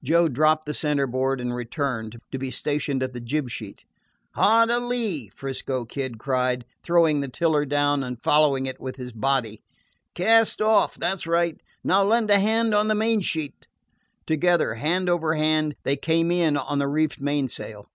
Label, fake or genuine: genuine